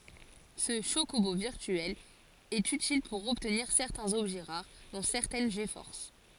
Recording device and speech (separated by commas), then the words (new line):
forehead accelerometer, read sentence
Ce chocobo virtuel est utile pour obtenir certains objets rares, dont certaines G-Forces.